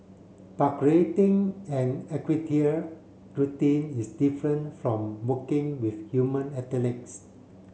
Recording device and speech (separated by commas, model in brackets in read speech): mobile phone (Samsung C7), read sentence